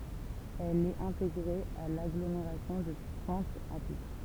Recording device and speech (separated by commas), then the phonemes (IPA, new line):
temple vibration pickup, read sentence
ɛl ɛt ɛ̃teɡʁe a laɡlomeʁasjɔ̃ də pwɛ̃t a pitʁ